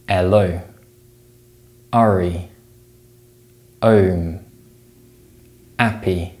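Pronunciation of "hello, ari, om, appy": The h sound is dropped from the beginning of each word, so 'happy' is said as 'appy' and 'Harry' as 'arry'.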